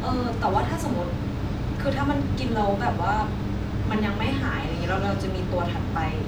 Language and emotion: Thai, frustrated